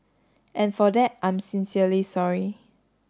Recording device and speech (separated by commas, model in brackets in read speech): standing microphone (AKG C214), read sentence